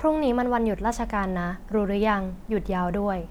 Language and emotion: Thai, neutral